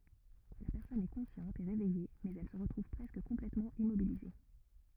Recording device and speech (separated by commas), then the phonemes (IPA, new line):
rigid in-ear microphone, read sentence
la pɛʁsɔn ɛ kɔ̃sjɑ̃t e ʁevɛje mɛz ɛl sə ʁətʁuv pʁɛskə kɔ̃plɛtmɑ̃ immobilize